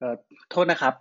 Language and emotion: Thai, neutral